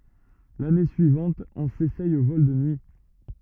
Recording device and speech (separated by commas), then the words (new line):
rigid in-ear microphone, read sentence
L'année suivante, on s'essaye aux vols de nuit.